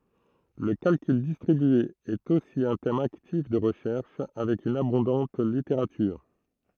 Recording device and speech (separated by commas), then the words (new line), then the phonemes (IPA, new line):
throat microphone, read sentence
Le calcul distribué est aussi un thème actif de recherche, avec une abondante littérature.
lə kalkyl distʁibye ɛt osi œ̃ tɛm aktif də ʁəʃɛʁʃ avɛk yn abɔ̃dɑ̃t liteʁatyʁ